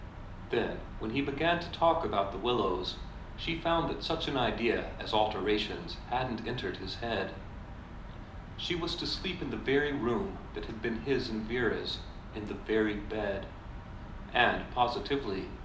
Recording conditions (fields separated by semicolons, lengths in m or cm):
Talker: one person; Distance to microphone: 2.0 m; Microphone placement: close; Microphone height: 99 cm; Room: medium-sized (5.7 m by 4.0 m); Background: none